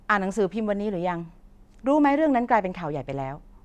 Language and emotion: Thai, neutral